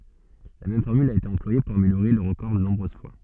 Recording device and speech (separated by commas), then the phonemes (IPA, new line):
soft in-ear microphone, read sentence
la mɛm fɔʁmyl a ete ɑ̃plwaje puʁ ameljoʁe lœʁ ʁəkɔʁ də nɔ̃bʁøz fwa